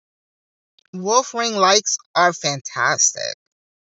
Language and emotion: English, disgusted